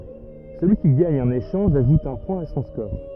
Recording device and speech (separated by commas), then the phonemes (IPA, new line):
rigid in-ear microphone, read sentence
səlyi ki ɡaɲ œ̃n eʃɑ̃ʒ aʒut œ̃ pwɛ̃ a sɔ̃ skɔʁ